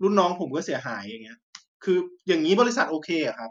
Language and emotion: Thai, angry